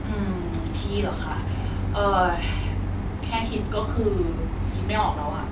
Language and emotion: Thai, frustrated